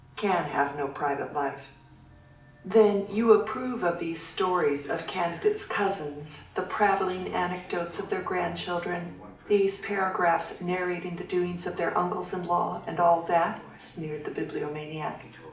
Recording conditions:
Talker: one person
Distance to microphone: 2.0 m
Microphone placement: close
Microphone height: 99 cm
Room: medium-sized (5.7 m by 4.0 m)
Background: television

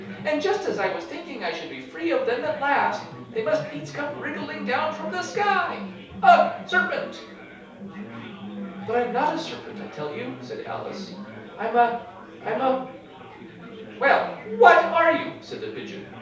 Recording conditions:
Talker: one person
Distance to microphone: 3.0 m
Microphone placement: far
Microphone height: 1.8 m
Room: small (3.7 m by 2.7 m)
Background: babble

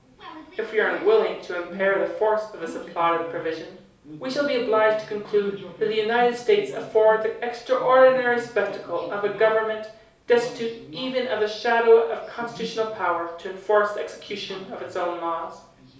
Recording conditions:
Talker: one person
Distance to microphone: 3.0 m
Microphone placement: far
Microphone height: 1.8 m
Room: small (3.7 m by 2.7 m)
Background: television

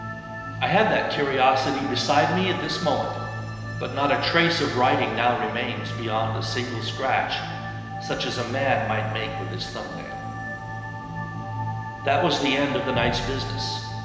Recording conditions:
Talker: one person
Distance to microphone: 1.7 m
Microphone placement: close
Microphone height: 1.0 m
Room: very reverberant, large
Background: music

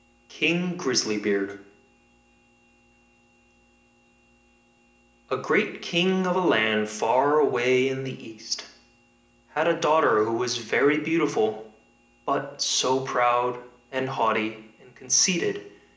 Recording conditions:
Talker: one person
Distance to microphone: 1.8 m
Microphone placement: close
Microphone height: 1.0 m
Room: large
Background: none

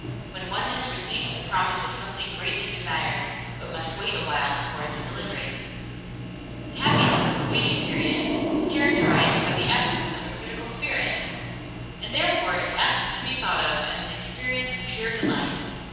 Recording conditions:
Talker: one person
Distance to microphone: 7.1 m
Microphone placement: far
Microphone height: 1.7 m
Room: very reverberant, large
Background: television

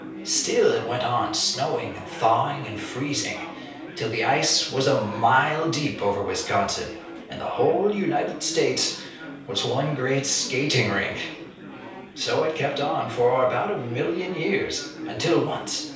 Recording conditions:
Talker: one person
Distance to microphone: 3.0 m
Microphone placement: far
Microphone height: 1.8 m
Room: small (3.7 m by 2.7 m)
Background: babble

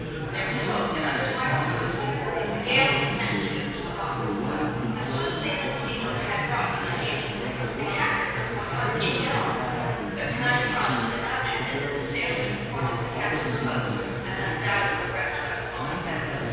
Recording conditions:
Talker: one person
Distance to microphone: 7.1 m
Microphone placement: far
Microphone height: 1.7 m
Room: very reverberant, large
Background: babble

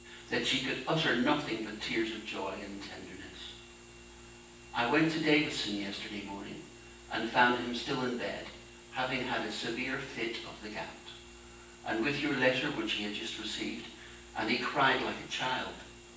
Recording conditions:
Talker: one person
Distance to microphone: 9.8 m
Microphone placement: far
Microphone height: 1.8 m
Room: large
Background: none

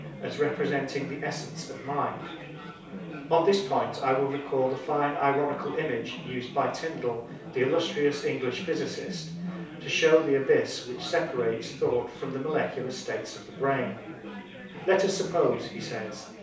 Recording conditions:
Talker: one person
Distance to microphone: 3.0 m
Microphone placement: far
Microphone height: 1.8 m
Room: small (3.7 m by 2.7 m)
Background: babble

